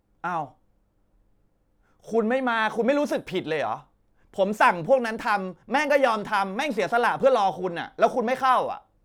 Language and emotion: Thai, angry